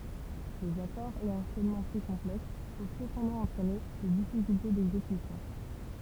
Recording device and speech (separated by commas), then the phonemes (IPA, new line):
temple vibration pickup, read sentence
lez akɔʁz e ɑ̃ʃɛnmɑ̃ ply kɔ̃plɛks pøv səpɑ̃dɑ̃ ɑ̃tʁɛne de difikylte dɛɡzekysjɔ̃